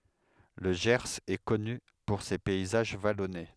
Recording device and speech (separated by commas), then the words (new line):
headset microphone, read sentence
Le Gers est connu pour ses paysages vallonnés.